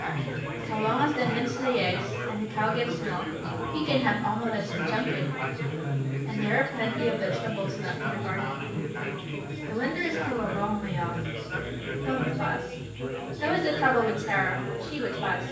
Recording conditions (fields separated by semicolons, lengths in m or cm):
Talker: one person; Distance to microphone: 9.8 m; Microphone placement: far; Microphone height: 1.8 m; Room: large; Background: babble